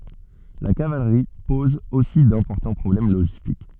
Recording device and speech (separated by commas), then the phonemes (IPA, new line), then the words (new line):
soft in-ear microphone, read sentence
la kavalʁi pɔz osi dɛ̃pɔʁtɑ̃ pʁɔblɛm loʒistik
La cavalerie pose aussi d'importants problèmes logistiques.